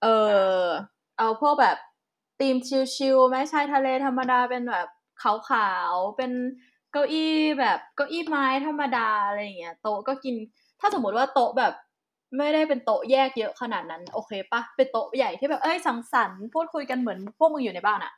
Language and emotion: Thai, happy